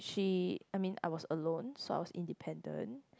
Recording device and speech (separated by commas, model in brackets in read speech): close-talking microphone, conversation in the same room